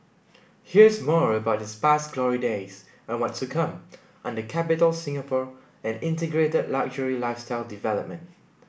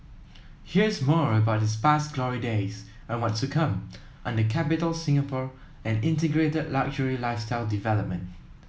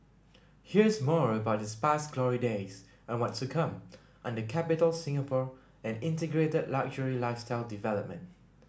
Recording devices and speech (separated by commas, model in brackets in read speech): boundary microphone (BM630), mobile phone (iPhone 7), standing microphone (AKG C214), read sentence